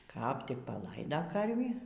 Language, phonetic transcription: Lithuanian, kap ˈtik paˈlaida ˈkarvį

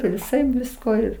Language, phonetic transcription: Lithuanian, viˈsaip ˈvisko ir

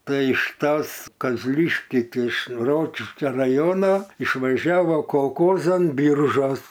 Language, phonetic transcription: Lithuanian, ˈtai iš ˈtas kazˈliškiai ˈtai iš ˈrokiškia raˈjono išvaˈžiavo kolˈkozan ˈbiržuos

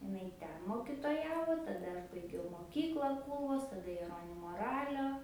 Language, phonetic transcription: Lithuanian, iˈnai ˈten mokitoˈjavo taˈda aš baiˈgiau moˈkyklą ˈkūlvos taˈda jeˈronimo ˈralio

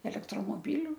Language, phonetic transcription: Lithuanian, elektromoˈbiliu

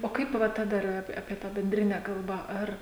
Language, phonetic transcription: Lithuanian, o ˈkaip ˈva ta ˈdar ap apie ˈtą benˈdrine ˈkalbą ˈar

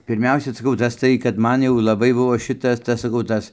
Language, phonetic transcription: Lithuanian, pirˈmiausia ˈsaˈkauˈ tas tai kad ˈman jau laˈbai ˈbuvo ˈšitas ˈtas saˈkau ˈtas

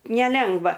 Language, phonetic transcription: Lithuanian, neˈlengva

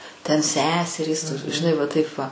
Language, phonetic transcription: Lithuanian, ten ˈseserys žiˈnai ˈva taip ˈva

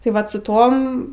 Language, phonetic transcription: Lithuanian, tai ˈvat su ˈtom

